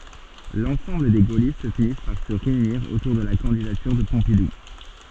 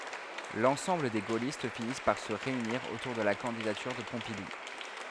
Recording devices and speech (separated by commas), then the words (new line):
soft in-ear microphone, headset microphone, read sentence
L'ensemble des gaullistes finissent par se réunir autour de la candidature de Pompidou.